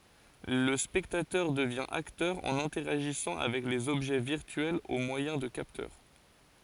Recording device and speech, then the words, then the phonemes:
forehead accelerometer, read sentence
Le spectateur devient acteur en interagissant avec les objets virtuels au moyen de capteurs.
lə spɛktatœʁ dəvjɛ̃ aktœʁ ɑ̃n ɛ̃tɛʁaʒisɑ̃ avɛk lez ɔbʒɛ viʁtyɛlz o mwajɛ̃ də kaptœʁ

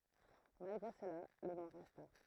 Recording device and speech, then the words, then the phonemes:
throat microphone, read sentence
Malgré cela, le nom resta.
malɡʁe səla lə nɔ̃ ʁɛsta

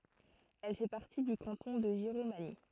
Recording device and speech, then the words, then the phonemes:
throat microphone, read sentence
Elle fait partie du canton de Giromagny.
ɛl fɛ paʁti dy kɑ̃tɔ̃ də ʒiʁomaɲi

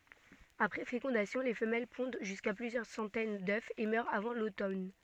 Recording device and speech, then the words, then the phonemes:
soft in-ear microphone, read sentence
Après fécondation, les femelles pondent jusqu'à plusieurs centaines d'œufs et meurent avant l'automne.
apʁɛ fekɔ̃dasjɔ̃ le fəmɛl pɔ̃d ʒyska plyzjœʁ sɑ̃tɛn dø e mœʁt avɑ̃ lotɔn

